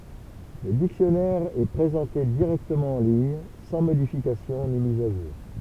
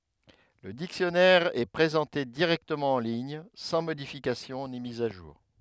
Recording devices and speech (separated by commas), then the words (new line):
temple vibration pickup, headset microphone, read sentence
Le dictionnaire est présenté directement en ligne, sans modification ni mise à jour.